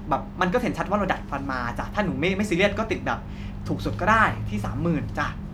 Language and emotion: Thai, neutral